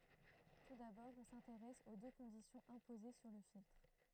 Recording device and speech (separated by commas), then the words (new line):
throat microphone, read sentence
Tout d'abord, on s'intéresse aux deux conditions imposées sur le filtre.